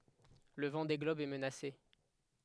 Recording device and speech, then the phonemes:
headset microphone, read sentence
lə vɑ̃de ɡlɔb ɛ mənase

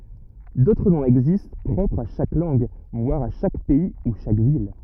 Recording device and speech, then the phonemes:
rigid in-ear microphone, read sentence
dotʁ nɔ̃z ɛɡzist pʁɔpʁz a ʃak lɑ̃ɡ vwaʁ a ʃak pɛi u ʃak vil

